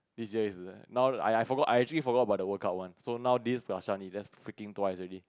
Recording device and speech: close-talking microphone, conversation in the same room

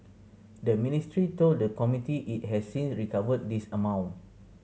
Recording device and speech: mobile phone (Samsung C7100), read sentence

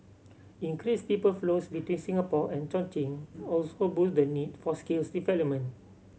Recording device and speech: mobile phone (Samsung C7100), read sentence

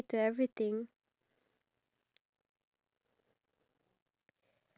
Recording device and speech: standing microphone, conversation in separate rooms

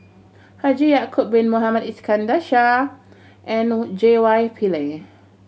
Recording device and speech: mobile phone (Samsung C7100), read sentence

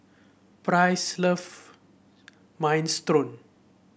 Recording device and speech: boundary microphone (BM630), read sentence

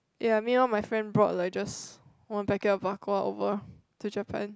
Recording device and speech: close-talking microphone, conversation in the same room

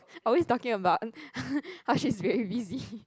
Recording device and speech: close-talking microphone, conversation in the same room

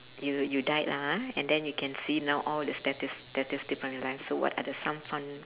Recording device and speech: telephone, conversation in separate rooms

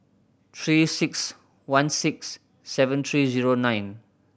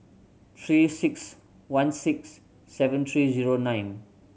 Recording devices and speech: boundary microphone (BM630), mobile phone (Samsung C7100), read sentence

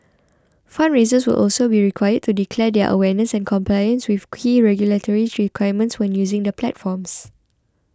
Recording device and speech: close-talking microphone (WH20), read sentence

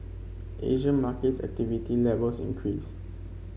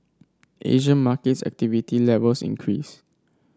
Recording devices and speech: mobile phone (Samsung C5), standing microphone (AKG C214), read sentence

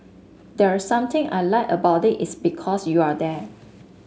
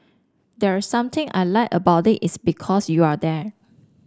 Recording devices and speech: mobile phone (Samsung S8), standing microphone (AKG C214), read sentence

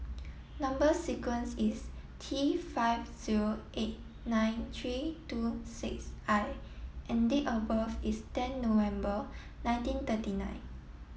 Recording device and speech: mobile phone (iPhone 7), read sentence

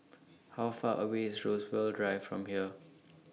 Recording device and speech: mobile phone (iPhone 6), read sentence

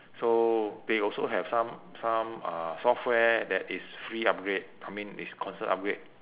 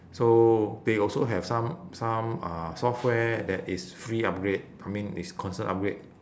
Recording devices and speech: telephone, standing microphone, conversation in separate rooms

